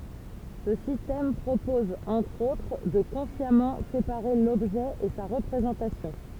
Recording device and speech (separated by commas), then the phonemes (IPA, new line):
temple vibration pickup, read sentence
sə sistɛm pʁopɔz ɑ̃tʁ otʁ də kɔ̃sjamɑ̃ sepaʁe lɔbʒɛ e sa ʁəpʁezɑ̃tasjɔ̃